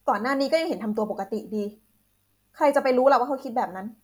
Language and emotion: Thai, frustrated